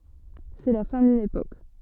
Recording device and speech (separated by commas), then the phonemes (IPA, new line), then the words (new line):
soft in-ear microphone, read sentence
sɛ la fɛ̃ dyn epok
C'est la fin d'une époque.